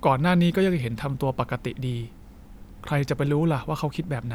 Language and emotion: Thai, neutral